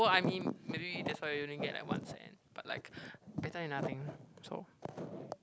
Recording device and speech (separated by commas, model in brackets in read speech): close-talking microphone, conversation in the same room